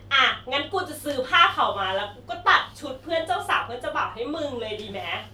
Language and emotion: Thai, happy